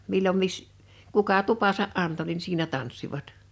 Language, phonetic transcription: Finnish, 'millom 'mis- , 'kuka "tupasa’ '’anto nin siinä 'tanssivat .
- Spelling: milloin - kuka tupansa antoi niin siinä tanssivat

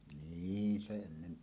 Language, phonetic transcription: Finnish, niin 'se ennen .
- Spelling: niin se ennen

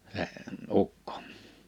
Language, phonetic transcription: Finnish, (s)e , 'ukkᴏ .
- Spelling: se ukko

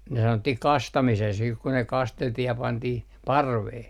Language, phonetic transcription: Finnish, ne 'sanottih "kastamises siih ku ne 'kasteltih ja 'pantih , "parvee .
- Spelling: ne sanottiin kastamiseksi sitten kun ne kasteltiin ja pantiin parveen

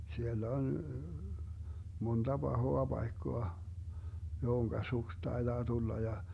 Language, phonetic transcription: Finnish, siel'l ‿on , 'monDa 'Bahoa 'Baikkoa , 'johoŋka "suks 'taeDaa 'tulla ja ,.
- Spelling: siellä on monta pahaa paikkaa johon suksi taitaa tulla ja

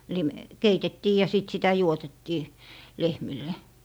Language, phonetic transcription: Finnish, lim- , "keitettii ja "sìt sitä "juotettii , "lehmille .
- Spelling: - keitettiin ja sitten sitä juotettiin lehmille

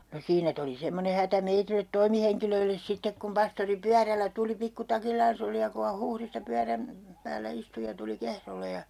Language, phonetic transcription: Finnish, no 'siinä tuli 'semmone hätä meitilet 'toimiheŋkilöilles 'sittek kum 'pastori "pyärällä 'tuli 'pikkutakillaans ‿oli ja ku ha 'Huhrista 'pyäräm , 'päällä 'istu ja tuli "Kehrole ja , .
- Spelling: no siinä tuli semmoinen hätä meille toimihenkilöille sitten kun pastori pyörällä tuli pikkutakillaan oli ja kun hän Huhdista pyörän päällä istui ja tuli Kehrolle ja

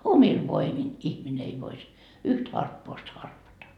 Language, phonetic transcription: Finnish, "omil 'voimin 'ihmine ei vois , 'yht 'harppoost harpata .
- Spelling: omilla voimin ihminen ei voisi yhtä harppausta harpata

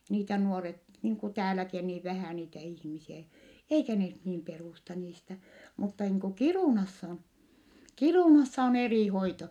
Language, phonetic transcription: Finnish, (e) niitä nuoret , niiŋ ku tääläki o niiv vähä̀ niitä ihmisiä , eikä ne (ny)t niim perùsta niistä , mutta niiŋ ku Kirùnassa , Kirùnassa on erì hoito .
- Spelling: - niitä nuoret niin kuin täälläkin on niin vähän niitä ihmisiä eikä ne nyt niin perusta niistä mutta niin kuin Kiirunassa Kiirunassa on eri hoito

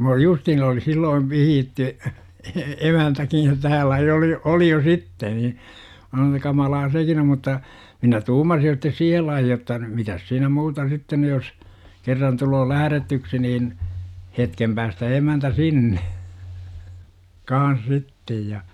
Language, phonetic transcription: Finnish, m ‿oli "justhiin oli silloiv 'vihiitty , e- "emäntäkij jo täällä jo oli , 'oli jo "sitte ni , mä (sanoon että) 'kamalaa "sekin o mutta , 'minä "tuumasij jo sittes "siihel laihi jotta , 'mitäs siinä "muuta 'sitten ny jos , 'kerran tuloo "lähärätyksi niin , 'hetkem päästä 'emäntä "sinne , "kaan̬s 'sittej ja .
- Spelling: minä olin justiin oli silloin vihitty - emäntäkin jo täällä jo oli oli jo sitten niin minä sanon että kamalaa sekin on mutta minä tuumasin jo sitten siihen lajiin jotta mitäs siinä muuta sitten nyt jos kerran tulee lähdetyksi niin hetken päästä emäntä sinne kanssa sitten ja

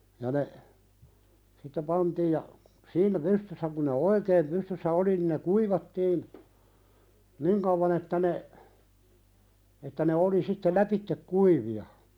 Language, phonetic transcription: Finnish, ja ne , sitte "pantiij ja , "siinä 'pystyssä kuⁿ ne "oikeem 'pystyssä 'oli nin ne "kuivattiin , "niŋ kavvan ‿että ne , että ne 'oli sitte "läpittek 'kuivi₍a .
- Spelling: ja ne sitten pantiin ja siinä pystyssä kun ne oikein pystyssä oli niin ne kuivattiin niin kauan että ne että ne oli sitten lävitse kuivia

